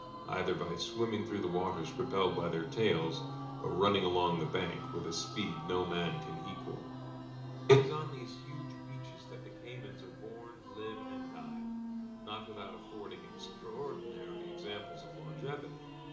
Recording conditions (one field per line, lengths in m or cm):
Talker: one person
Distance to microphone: 2.0 m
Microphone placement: close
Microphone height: 99 cm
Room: medium-sized (5.7 m by 4.0 m)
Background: music